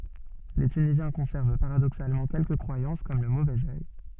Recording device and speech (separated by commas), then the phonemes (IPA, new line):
soft in-ear microphone, read sentence
le tynizjɛ̃ kɔ̃sɛʁv paʁadoksalmɑ̃ kɛlkə kʁwajɑ̃s kɔm lə movɛz œj